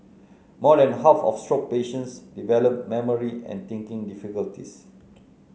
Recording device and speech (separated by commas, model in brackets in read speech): mobile phone (Samsung C9), read sentence